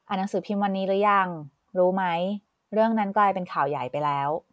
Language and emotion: Thai, neutral